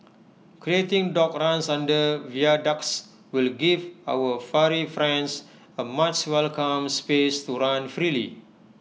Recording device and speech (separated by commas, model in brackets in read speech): mobile phone (iPhone 6), read sentence